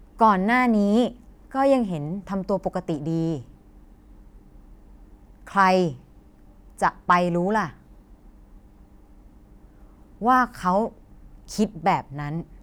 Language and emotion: Thai, frustrated